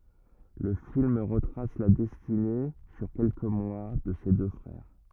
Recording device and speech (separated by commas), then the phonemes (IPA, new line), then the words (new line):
rigid in-ear microphone, read sentence
lə film ʁətʁas la dɛstine syʁ kɛlkə mwa də se dø fʁɛʁ
Le film retrace la destinée, sur quelques mois, de ces deux frères.